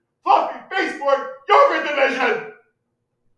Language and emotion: English, angry